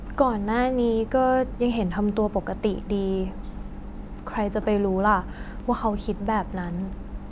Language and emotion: Thai, sad